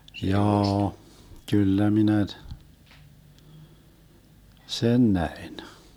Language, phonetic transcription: Finnish, 'jaa₍a , 'kyllä 'minä t- , "sen 'näin .
- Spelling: jaa kyllä minä - sen näin

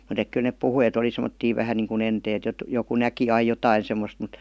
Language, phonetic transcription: Finnish, mut ‿ek kyl nep "puhui e't ‿oli sem°ttii 'vähän niiŋku 'enteet jot- , joku "näki ai 'jotai semmost mut ,.
- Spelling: mutta että kyllä ne puhui että oli semmoisia vähän niin kuin enteet - joku näki aina jotakin semmoista mutta

